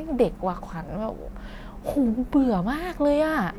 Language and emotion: Thai, frustrated